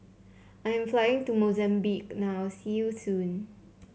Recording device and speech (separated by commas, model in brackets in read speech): mobile phone (Samsung C7), read sentence